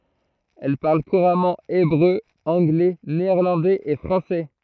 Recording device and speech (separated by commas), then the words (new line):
throat microphone, read sentence
Elle parle couramment hébreu, anglais, néerlandais et français.